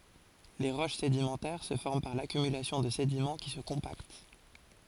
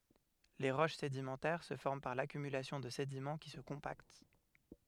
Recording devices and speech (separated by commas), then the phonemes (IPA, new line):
forehead accelerometer, headset microphone, read sentence
le ʁoʃ sedimɑ̃tɛʁ sə fɔʁm paʁ lakymylasjɔ̃ də sedimɑ̃ ki sə kɔ̃pakt